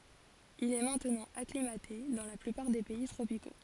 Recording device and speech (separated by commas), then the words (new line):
forehead accelerometer, read sentence
Il est maintenant acclimaté dans la plupart des pays tropicaux.